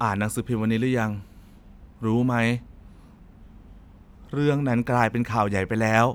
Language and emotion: Thai, frustrated